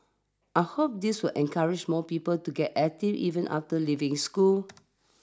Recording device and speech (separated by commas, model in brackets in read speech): standing microphone (AKG C214), read sentence